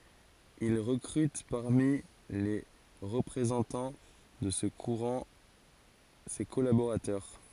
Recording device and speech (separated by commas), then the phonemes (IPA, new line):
forehead accelerometer, read sentence
il ʁəkʁyt paʁmi le ʁəpʁezɑ̃tɑ̃ də sə kuʁɑ̃ se kɔlaboʁatœʁ